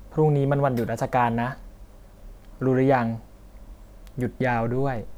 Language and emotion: Thai, neutral